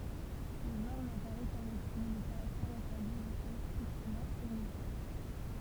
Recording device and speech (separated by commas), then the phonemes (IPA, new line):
temple vibration pickup, read sentence
lə ʒɑ̃ʁ napaʁɛ ka lekʁi le kaʁaktɛʁz ɑ̃plwaje ʁɛstɑ̃ stʁiktəmɑ̃ omofon